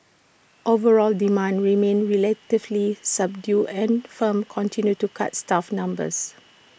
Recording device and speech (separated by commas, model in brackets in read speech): boundary microphone (BM630), read sentence